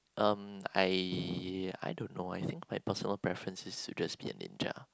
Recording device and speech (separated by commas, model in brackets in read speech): close-talking microphone, conversation in the same room